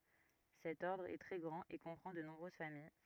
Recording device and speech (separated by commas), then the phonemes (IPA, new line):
rigid in-ear microphone, read sentence
sɛt ɔʁdʁ ɛ tʁɛ ɡʁɑ̃t e kɔ̃pʁɑ̃ də nɔ̃bʁøz famij